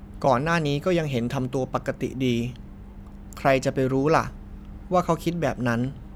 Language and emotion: Thai, neutral